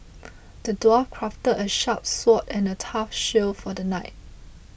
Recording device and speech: boundary microphone (BM630), read sentence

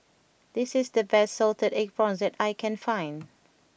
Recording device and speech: boundary microphone (BM630), read sentence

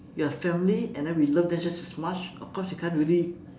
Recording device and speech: standing microphone, conversation in separate rooms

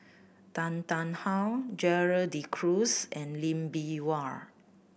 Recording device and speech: boundary microphone (BM630), read sentence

